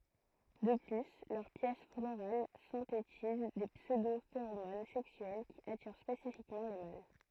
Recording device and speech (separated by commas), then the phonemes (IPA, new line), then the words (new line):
throat microphone, read sentence
də ply lœʁ pjɛs floʁal sɛ̃tetiz de psødofeʁomon sɛksyɛl ki atiʁ spesifikmɑ̃ le mal
De plus, leurs pièces florales synthétisent des pseudo-phéromones sexuelles qui attirent spécifiquement les mâles.